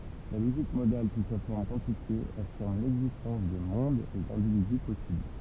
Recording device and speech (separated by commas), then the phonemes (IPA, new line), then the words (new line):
temple vibration pickup, read sentence
la loʒik modal su sa fɔʁm kwɑ̃tifje afiʁm lɛɡzistɑ̃s də mɔ̃dz e dɛ̃dividy pɔsibl
La logique modale sous sa forme quantifiée affirme l'existence de mondes et d'individus possibles.